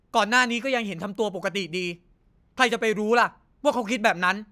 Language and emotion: Thai, angry